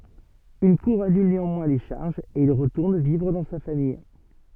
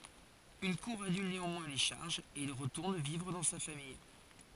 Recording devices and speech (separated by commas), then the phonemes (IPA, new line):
soft in-ear microphone, forehead accelerometer, read sentence
yn kuʁ anyl neɑ̃mwɛ̃ le ʃaʁʒz e il ʁətuʁn vivʁ dɑ̃ sa famij